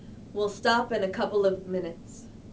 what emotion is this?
neutral